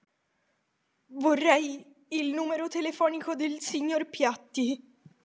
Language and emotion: Italian, fearful